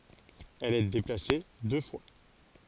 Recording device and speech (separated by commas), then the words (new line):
forehead accelerometer, read sentence
Elle est déplacée deux fois.